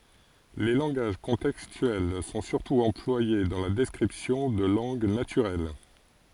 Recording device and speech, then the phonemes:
forehead accelerometer, read sentence
le lɑ̃ɡaʒ kɔ̃tɛkstyɛl sɔ̃ syʁtu ɑ̃plwaje dɑ̃ la dɛskʁipsjɔ̃ də lɑ̃ɡ natyʁɛl

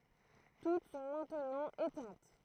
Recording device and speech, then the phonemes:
throat microphone, read sentence
tut sɔ̃ mɛ̃tnɑ̃ etɛ̃t

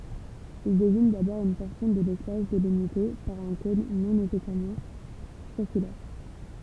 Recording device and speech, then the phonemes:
temple vibration pickup, read sentence
il deziɲ dabɔʁ yn pɔʁsjɔ̃ də lɛspas delimite paʁ œ̃ kɔ̃n nɔ̃ nesɛsɛʁmɑ̃ siʁkylɛʁ

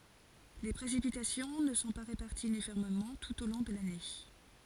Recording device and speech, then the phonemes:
forehead accelerometer, read sentence
le pʁesipitasjɔ̃ nə sɔ̃ pa ʁepaʁtiz ynifɔʁmemɑ̃ tut o lɔ̃ də lane

